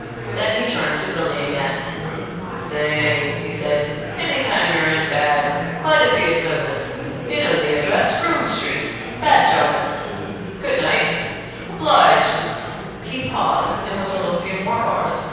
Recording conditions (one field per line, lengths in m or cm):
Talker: one person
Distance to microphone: 7.1 m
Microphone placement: far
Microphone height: 1.7 m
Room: very reverberant, large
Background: babble